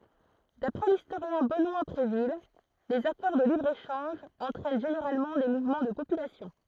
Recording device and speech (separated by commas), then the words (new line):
throat microphone, read sentence
D'après l'historien Benoît Bréville, les accords de libre-échange entraînent généralement des mouvements de population.